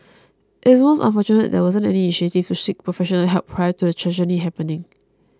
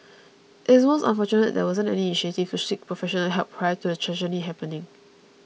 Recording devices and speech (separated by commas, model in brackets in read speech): close-talking microphone (WH20), mobile phone (iPhone 6), read sentence